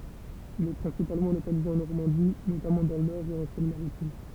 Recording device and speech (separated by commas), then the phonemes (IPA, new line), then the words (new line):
temple vibration pickup, read sentence
il ɛ pʁɛ̃sipalmɑ̃ lokalize ɑ̃ nɔʁmɑ̃di notamɑ̃ dɑ̃ lœʁ e ɑ̃ sɛn maʁitim
Il est principalement localisé en Normandie, notamment dans l'Eure et en Seine-Maritime.